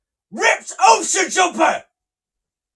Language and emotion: English, angry